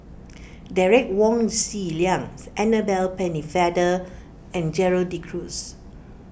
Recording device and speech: boundary microphone (BM630), read sentence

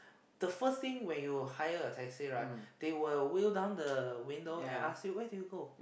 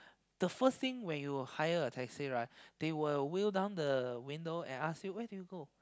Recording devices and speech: boundary microphone, close-talking microphone, conversation in the same room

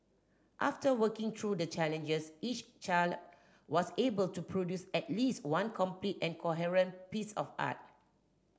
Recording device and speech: standing microphone (AKG C214), read sentence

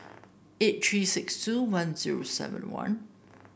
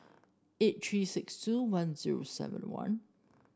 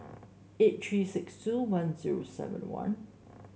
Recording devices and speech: boundary microphone (BM630), standing microphone (AKG C214), mobile phone (Samsung S8), read sentence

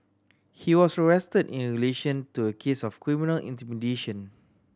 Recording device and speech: standing microphone (AKG C214), read sentence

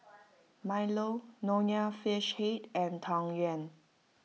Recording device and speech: mobile phone (iPhone 6), read sentence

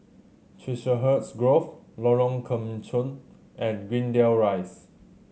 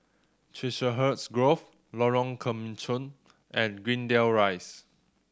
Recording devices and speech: mobile phone (Samsung C7100), standing microphone (AKG C214), read sentence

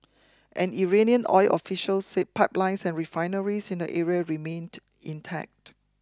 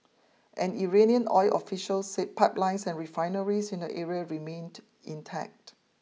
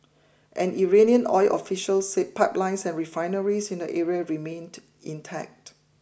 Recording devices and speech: close-talking microphone (WH20), mobile phone (iPhone 6), boundary microphone (BM630), read sentence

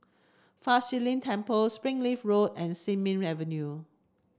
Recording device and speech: standing microphone (AKG C214), read sentence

